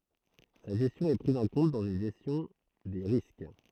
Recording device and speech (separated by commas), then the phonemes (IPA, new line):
throat microphone, read sentence
sa ʒɛstjɔ̃ ɛ pʁiz ɑ̃ kɔ̃t dɑ̃z yn ʒɛstjɔ̃ de ʁisk